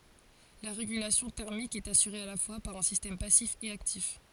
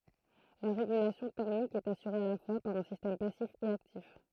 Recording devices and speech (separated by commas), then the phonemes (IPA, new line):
forehead accelerometer, throat microphone, read sentence
la ʁeɡylasjɔ̃ tɛʁmik ɛt asyʁe a la fwa paʁ œ̃ sistɛm pasif e aktif